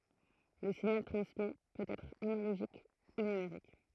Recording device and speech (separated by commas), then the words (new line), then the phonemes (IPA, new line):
throat microphone, read sentence
Le signal transmis peut être analogique ou numérique.
lə siɲal tʁɑ̃smi pøt ɛtʁ analoʒik u nymeʁik